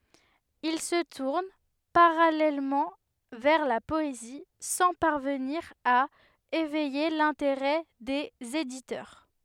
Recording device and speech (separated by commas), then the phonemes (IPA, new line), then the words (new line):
headset microphone, read sentence
il sə tuʁn paʁalɛlmɑ̃ vɛʁ la pɔezi sɑ̃ paʁvəniʁ a evɛje lɛ̃teʁɛ dez editœʁ
Il se tourne parallèlement vers la poésie, sans parvenir à éveiller l'intérêt des éditeurs.